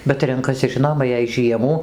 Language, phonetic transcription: Lithuanian, bet ˈrenkasi ˈžinoma jei ˈžiemų

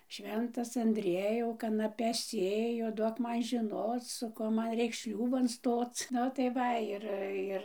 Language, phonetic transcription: Lithuanian, ˈšventas andˈriejau kanaˈpes ˈsėju ˈduok ˈman žiˈnoc su ˈkuo ˈman ˈreiks ˈšliūban ˈstoc ˈnu tai ˈva ˈir ˈir

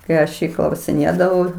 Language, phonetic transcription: Lithuanian, kai ˈaš ˈjį klausiˈnėdavau

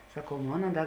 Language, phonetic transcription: Lithuanian, saˈkau ˈmona ˈda

